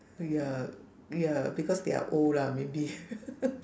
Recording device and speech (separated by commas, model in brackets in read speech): standing microphone, conversation in separate rooms